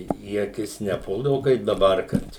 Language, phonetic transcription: Lithuanian, į aˈkis neˈpuldavu kaip daˈbar ˈkad

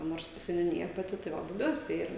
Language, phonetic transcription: Lithuanian, ˈnors seniuˈnija paˈti tai ˈva buˈbiuose ˈyra

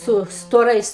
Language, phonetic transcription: Lithuanian, ˈsu stoˈrais

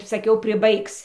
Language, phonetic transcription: Lithuanian, saˈkiau priˈbaigs

